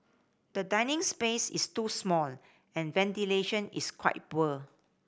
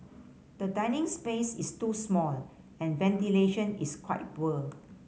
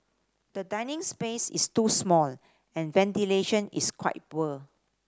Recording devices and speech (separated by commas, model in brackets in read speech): boundary microphone (BM630), mobile phone (Samsung C5010), standing microphone (AKG C214), read sentence